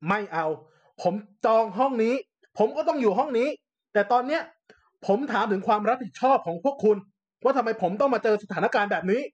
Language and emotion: Thai, angry